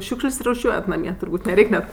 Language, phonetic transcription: Lithuanian, ˈšiūkš'l's' ruˈšiuojat naˈmie turˈbūt' neˈreik' net

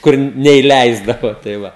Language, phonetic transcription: Lithuanian, ˈkur neiˈleisdavo tai ˈva

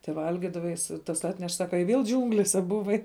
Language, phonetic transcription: Lithuanian, teˈvalgidava jis tas ˈatneš ˈsaka i vėl ˈdžiūnglėse buˈvai

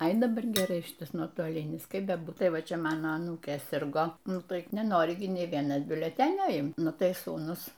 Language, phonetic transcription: Lithuanian, ai daˈbar geˈrai ˈšitas nuotoˈlinis ˈkaip beˈbūt ˈtai ˈva ˈčia ˈmano aˈnūkė ˈsirgo ˈnu ˈtaip neˈnori gi ˈnė ˈvienas biuleˈtenio ˈimt ˈnu ˈtai ˈsūnus

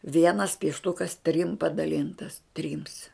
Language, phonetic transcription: Lithuanian, ˈvienas piešˈtukas trim padaˈlintas ˈtrims

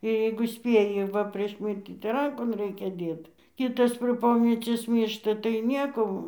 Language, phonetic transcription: Lithuanian, jeigu ˈspėji ˈva prieš ˈmirtį tai ˈrankon ˈraikia ˈdėt ˈkitas prė ˈpomecies ˈmyršta tai ˈnieko

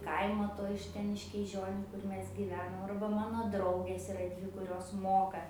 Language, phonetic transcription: Lithuanian, ˈkaimo ˈto iš ˈten iš kyˈžioniu ˈkur ˈmes gyˈvenom arba ˈmano ˈdraugės iˈra ˈdvi kuˈrios ˈmoka

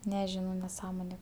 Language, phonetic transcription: Lithuanian, neˈžinau neˈsąmonė

